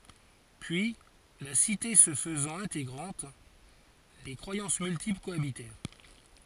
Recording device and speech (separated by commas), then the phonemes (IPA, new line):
forehead accelerometer, read sentence
pyi la site sə fəzɑ̃t ɛ̃teɡʁɑ̃t de kʁwajɑ̃s myltipl koabitɛʁ